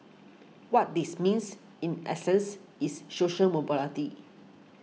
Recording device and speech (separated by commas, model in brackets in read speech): mobile phone (iPhone 6), read sentence